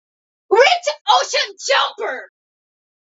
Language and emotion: English, disgusted